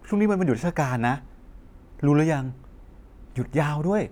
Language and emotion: Thai, frustrated